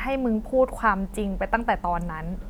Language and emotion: Thai, frustrated